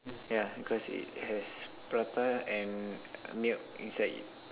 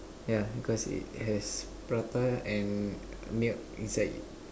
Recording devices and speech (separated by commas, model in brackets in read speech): telephone, standing microphone, conversation in separate rooms